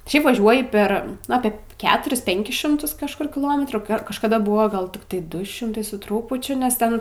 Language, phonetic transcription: Lithuanian, ˈšiaip vaˈžiuoji ˈper nu ˈapė ˈketuris ˈpenkis ˈšimtus kažˈkur kiˈlometrų kažkaˈda ˈbuvo ˈgal tikˈtai ˈdu ˈšimtai su ˈtrūpučiu nes ˈten

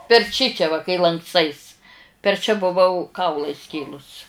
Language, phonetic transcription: Lithuanian, per ˈčičia va kai lankˈstais per čia buˈvau ˈkaulą ˈiskėlus

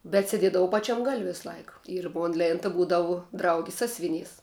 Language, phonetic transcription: Lithuanian, bet seˈdiedavau ˈpaˌčiam gal' ˈvisˈlaik ir ˈmon ˈlėnta ˈbūdavu ˈdraugis ˈsasviˌnys

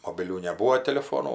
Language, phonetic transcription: Lithuanian, mobiˈlių neˈbūo teliˈfonų

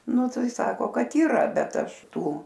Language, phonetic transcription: Lithuanian, ˈnu ˈtai ˈsako ˈkad yˈra bet ˈaš ˈtų

